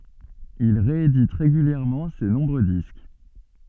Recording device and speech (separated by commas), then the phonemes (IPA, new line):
soft in-ear microphone, read sentence
il ʁeedit ʁeɡyljɛʁmɑ̃ se nɔ̃bʁø disk